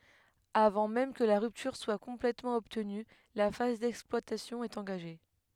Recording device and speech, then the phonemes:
headset microphone, read sentence
avɑ̃ mɛm kə la ʁyptyʁ swa kɔ̃plɛtmɑ̃ ɔbtny la faz dɛksplwatasjɔ̃ ɛt ɑ̃ɡaʒe

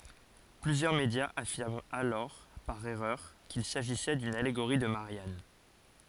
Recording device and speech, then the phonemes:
forehead accelerometer, read sentence
plyzjœʁ medjaz afiʁmt alɔʁ paʁ ɛʁœʁ kil saʒisɛ dyn aleɡoʁi də maʁjan

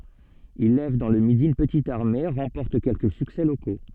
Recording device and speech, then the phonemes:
soft in-ear microphone, read sentence
il lɛv dɑ̃ lə midi yn pətit aʁme ʁɑ̃pɔʁt kɛlkə syksɛ loko

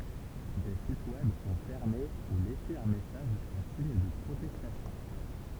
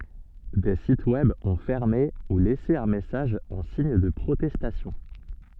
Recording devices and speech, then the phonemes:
temple vibration pickup, soft in-ear microphone, read sentence
deə sitə wɛb ɔ̃ fɛʁme u lɛse œ̃ mɛsaʒ ɑ̃ siɲ də pʁotɛstasjɔ̃

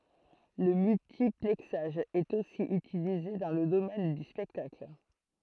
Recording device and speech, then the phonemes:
throat microphone, read sentence
lə myltiplɛksaʒ ɛt osi ytilize dɑ̃ lə domɛn dy spɛktakl

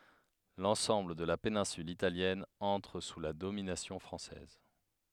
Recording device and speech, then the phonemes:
headset microphone, read sentence
lɑ̃sɑ̃bl də la penɛ̃syl italjɛn ɑ̃tʁ su la dominasjɔ̃ fʁɑ̃sɛz

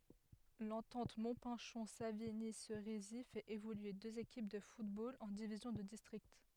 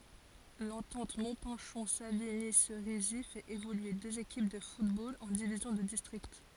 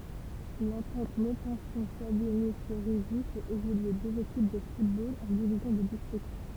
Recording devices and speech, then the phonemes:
headset microphone, forehead accelerometer, temple vibration pickup, read sentence
lɑ̃tɑ̃t mɔ̃pɛ̃ʃɔ̃ saviɲi seʁizi fɛt evolye døz ekip də futbol ɑ̃ divizjɔ̃ də distʁikt

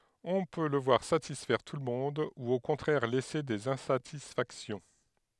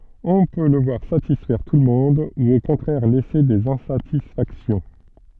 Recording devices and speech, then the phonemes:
headset microphone, soft in-ear microphone, read sentence
ɔ̃ pø lə vwaʁ satisfɛʁ tulmɔ̃d u o kɔ̃tʁɛʁ lɛse dez ɛ̃satisfaksjɔ̃

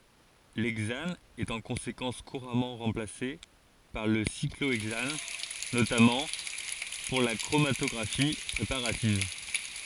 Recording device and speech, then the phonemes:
forehead accelerometer, read sentence
lɛɡzan ɛt ɑ̃ kɔ̃sekɑ̃s kuʁamɑ̃ ʁɑ̃plase paʁ lə sikloɛɡzan notamɑ̃ puʁ la kʁomatɔɡʁafi pʁepaʁativ

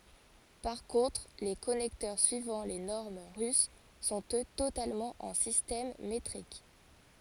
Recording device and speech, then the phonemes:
forehead accelerometer, read sentence
paʁ kɔ̃tʁ le kɔnɛktœʁ syivɑ̃ le nɔʁm ʁys sɔ̃t ø totalmɑ̃ ɑ̃ sistɛm metʁik

